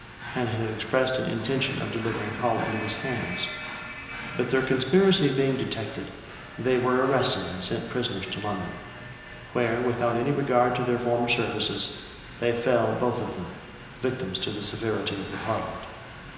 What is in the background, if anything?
A television.